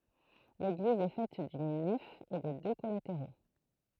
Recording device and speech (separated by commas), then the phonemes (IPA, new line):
throat microphone, read sentence
leɡliz ɛ fɛt dyn nɛf e də dø kɔlateʁo